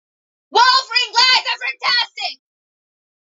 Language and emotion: English, neutral